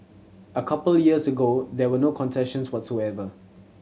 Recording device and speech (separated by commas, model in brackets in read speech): mobile phone (Samsung C7100), read sentence